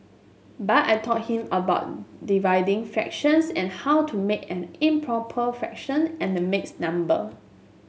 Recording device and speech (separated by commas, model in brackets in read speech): mobile phone (Samsung S8), read sentence